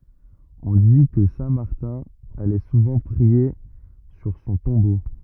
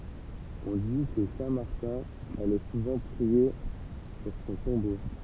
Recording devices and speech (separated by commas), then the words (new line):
rigid in-ear microphone, temple vibration pickup, read sentence
On dit que saint Martin allait souvent prier sur son tombeau.